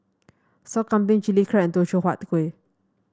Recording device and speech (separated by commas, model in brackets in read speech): standing microphone (AKG C214), read sentence